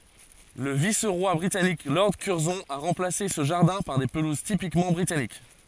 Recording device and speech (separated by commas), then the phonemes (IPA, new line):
forehead accelerometer, read sentence
lə vis ʁwa bʁitanik lɔʁd kyʁzɔ̃ a ʁɑ̃plase sə ʒaʁdɛ̃ paʁ de pəluz tipikmɑ̃ bʁitanik